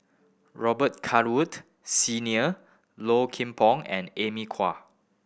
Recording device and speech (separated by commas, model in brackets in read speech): boundary microphone (BM630), read sentence